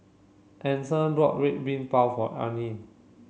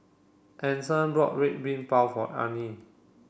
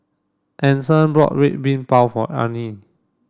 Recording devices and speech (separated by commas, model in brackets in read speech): mobile phone (Samsung C7), boundary microphone (BM630), standing microphone (AKG C214), read sentence